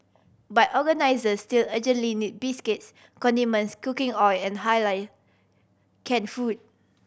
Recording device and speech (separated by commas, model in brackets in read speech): boundary microphone (BM630), read sentence